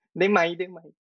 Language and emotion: Thai, neutral